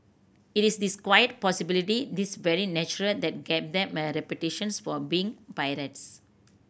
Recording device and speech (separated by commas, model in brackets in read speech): boundary microphone (BM630), read sentence